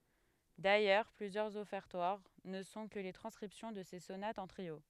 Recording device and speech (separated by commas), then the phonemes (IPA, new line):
headset microphone, read sentence
dajœʁ plyzjœʁz ɔfɛʁtwaʁ nə sɔ̃ kə le tʁɑ̃skʁipsjɔ̃ də se sonatz ɑ̃ tʁio